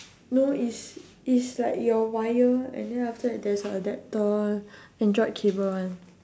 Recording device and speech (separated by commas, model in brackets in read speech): standing microphone, conversation in separate rooms